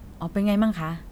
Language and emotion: Thai, neutral